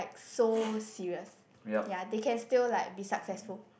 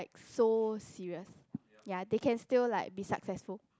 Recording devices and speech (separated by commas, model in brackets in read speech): boundary microphone, close-talking microphone, conversation in the same room